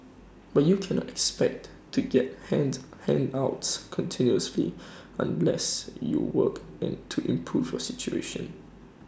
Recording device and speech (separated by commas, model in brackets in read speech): standing microphone (AKG C214), read sentence